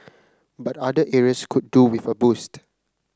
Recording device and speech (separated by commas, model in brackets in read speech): close-talking microphone (WH30), read sentence